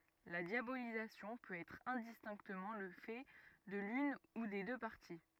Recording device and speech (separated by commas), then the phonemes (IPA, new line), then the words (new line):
rigid in-ear microphone, read sentence
la djabolizasjɔ̃ pøt ɛtʁ ɛ̃distɛ̃ktəmɑ̃ lə fɛ də lyn u de dø paʁti
La diabolisation peut être indistinctement le fait de l’une ou des deux parties.